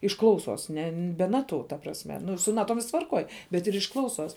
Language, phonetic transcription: Lithuanian, iš ˈklauˌsos ˈne be ˈnaˌtu ta prasˈme ˈnu su ˈnaˌtom ˈvisks tvarˈkoj bet ir iš ˈklauˌsos

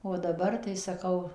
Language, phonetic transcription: Lithuanian, o daˈbar tai saˈkau

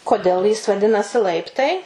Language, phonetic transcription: Lithuanian, koˈdėl jis vaˈdinasi ˈlaiptai

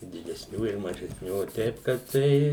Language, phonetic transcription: Lithuanian, i didesˈnių ir mažesˈnių o ˈteip kad ˈtai

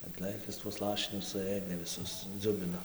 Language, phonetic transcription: Lithuanian, atˈlɘkis tuos ˈlašinius suˈɘdė viˈsus ˈdzubino

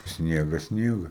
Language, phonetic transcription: Lithuanian, ˈsniega ˈsniega

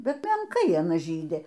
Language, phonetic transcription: Lithuanian, ˈbet menˈkai aˈna ˈžydi

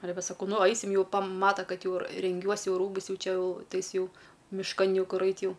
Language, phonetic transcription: Lithuanian, aˈle ˈve saˈkau ˈnu ˈaisim jų paˈmata ˈkad ˈjau renˈgiuos ˈjau ˈrūbus ˈjau ˈčia jau ˈtai ˈjis ˈjau mišˈkan ˈjau ˈkur ˈait ˈjau

